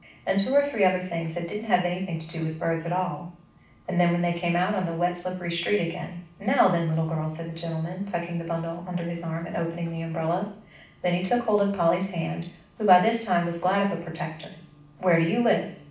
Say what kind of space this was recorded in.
A medium-sized room (about 5.7 m by 4.0 m).